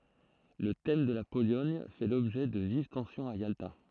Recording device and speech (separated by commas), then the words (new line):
throat microphone, read sentence
Le thème de la Pologne fait l’objet de vives tensions à Yalta.